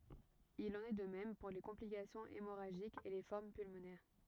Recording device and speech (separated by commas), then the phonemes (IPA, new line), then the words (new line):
rigid in-ear microphone, read sentence
il ɑ̃n ɛ də mɛm puʁ le kɔ̃plikasjɔ̃z emoʁaʒikz e le fɔʁm pylmonɛʁ
Il en est de même pour les complications hémorragiques et les formes pulmonaires.